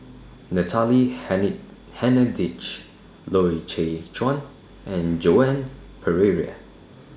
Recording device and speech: standing microphone (AKG C214), read sentence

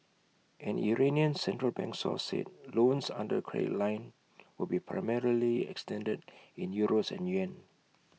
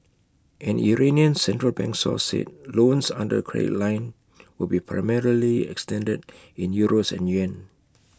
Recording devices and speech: mobile phone (iPhone 6), close-talking microphone (WH20), read sentence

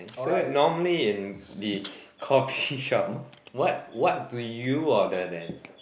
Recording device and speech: boundary microphone, conversation in the same room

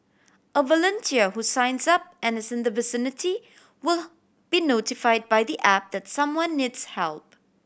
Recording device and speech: boundary microphone (BM630), read sentence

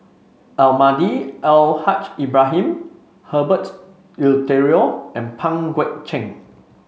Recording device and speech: mobile phone (Samsung C5), read sentence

